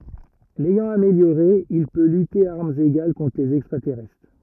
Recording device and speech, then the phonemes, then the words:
rigid in-ear microphone, read sentence
lɛjɑ̃ ameljoʁe il pø lyte a aʁmz eɡal kɔ̃tʁ lez ɛkstʁatɛʁɛstʁ
L'ayant amélioré, il peut lutter à armes égales contre les extraterrestres.

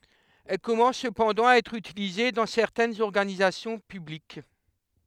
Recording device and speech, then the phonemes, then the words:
headset microphone, read sentence
ɛl kɔmɑ̃s səpɑ̃dɑ̃ a ɛtʁ ytilize dɑ̃ sɛʁtɛnz ɔʁɡanizasjɔ̃ pyblik
Elle commence cependant à être utilisée dans certaines organisations publiques.

